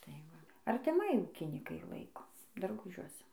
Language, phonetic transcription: Lithuanian, tai ˈva artiˈmai ˈūkynikai ˈlaiko darˈgužiuose

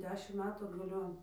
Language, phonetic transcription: Lithuanian, ˈdešim ˈmetų atgaˈlion

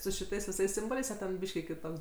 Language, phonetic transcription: Lithuanian, su šiˈtais viˈsais ˈsimboliais a ˈten ˈbyški kiˈtoks

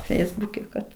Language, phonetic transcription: Lithuanian, ˈfeisbuke kad

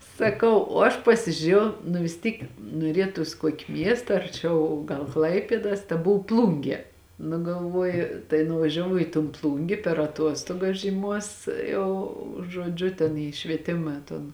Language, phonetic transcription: Lithuanian, saˈkau o ˈaš pasižiuˈrėjau nu vis ˈtyk nuoˈrietus ˈkuoki ˈmiesta arˈčiau gal ˈklaipėdas taˈbuv ˈplungie nu galˈvuoju tai nuvažiaˈvau į ton ˈplungė per aˈtuostuogas žyˈmuos ˈjau žuoˈdžiu ten į švieˈtima ton

